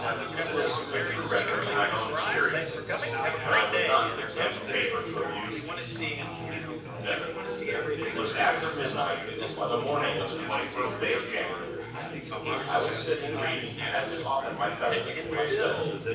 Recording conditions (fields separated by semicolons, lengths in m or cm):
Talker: one person; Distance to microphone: 9.8 m; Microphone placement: far; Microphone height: 1.8 m; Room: large; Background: babble